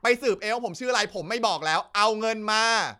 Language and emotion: Thai, angry